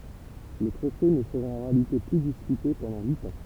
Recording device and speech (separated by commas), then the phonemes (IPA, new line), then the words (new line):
temple vibration pickup, read sentence
lə tʁofe nə səʁa ɑ̃ ʁealite ply dispyte pɑ̃dɑ̃ yit ɑ̃
Le trophée ne sera en réalité plus disputé pendant huit ans.